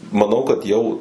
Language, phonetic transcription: Lithuanian, maˈnau kad ˈjau

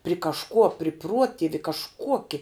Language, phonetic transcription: Lithuanian, pri kažˈkuo pri ˈpruotivi kažˈkuoki

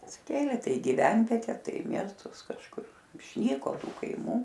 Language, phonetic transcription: Lithuanian, atsiˈkėlė ˈtai i giˈvenviete ˈtai i ˈmiestus kažˈkur išˈnyko ˈtų kaiˈmų

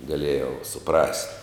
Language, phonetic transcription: Lithuanian, gaˈlėjau suˈprast'

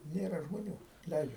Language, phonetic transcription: Lithuanian, ˈnėra žmoˈnių ˈleidžia

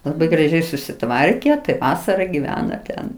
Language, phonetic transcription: Lithuanian, laˈbai graˈžiai susiˈtvarke tai ˈvasara giˈvena ˈten

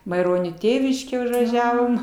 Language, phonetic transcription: Lithuanian, maiˈronio ˈtėviškė užvaˈžiavom

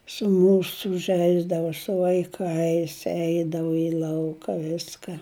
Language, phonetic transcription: Lithuanian, su ˈmūsu ˈžeisdavo su vaiˈkais ˈeidavu i ˈlauka ˈviska

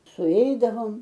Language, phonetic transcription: Lithuanian, suˈeidavom

